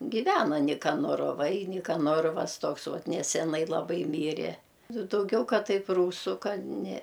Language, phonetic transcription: Lithuanian, giˈvena nikanoroˈvai nikaˈnorovas ˈtoks ˈvat neseˈnai laˈbai ˈmyre ˈnu dauˈgiau ˈkad ˈtaip ˈrūsu ˈkad ne

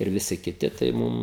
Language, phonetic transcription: Lithuanian, ir viˈsi kiˈti tai ˈmum

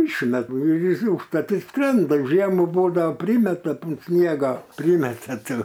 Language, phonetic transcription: Lithuanian, ˈišmet ˈnuˈjis i užˈtat i ˈskrenda o ˈžiemų ˈbūdao ˈprymeta unt ˈsniego ˈprymete ˈtų

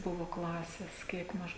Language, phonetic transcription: Lithuanian, ˈbuvu klases ˈkiek maž

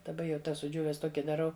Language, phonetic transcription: Lithuanian, daˈba jau ˈtas suˈdžiūves ˈtoki daˈrau

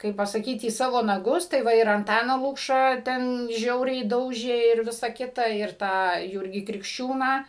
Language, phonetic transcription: Lithuanian, ˈkaip pasaˈkyt į ˈsavo naˈgus tai ˈva ir anˈtaną ˈlukšą ˈten ˈžiauriai ˈdaužė ir ˈvisa ˈkita ir ˈtą ˈjūrgį krikšˈčiūną

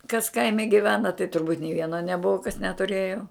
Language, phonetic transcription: Lithuanian, kas ˈkaime giˈvena tai turˈbūt' nė ˈvieno neˈbuva kas netuˈrėjo

